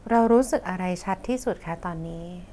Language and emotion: Thai, neutral